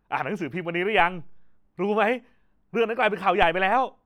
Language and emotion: Thai, happy